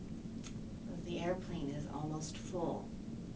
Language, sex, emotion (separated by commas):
English, female, neutral